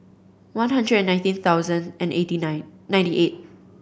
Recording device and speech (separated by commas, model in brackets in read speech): boundary microphone (BM630), read sentence